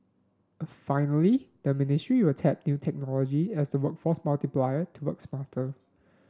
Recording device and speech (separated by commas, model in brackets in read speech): standing microphone (AKG C214), read sentence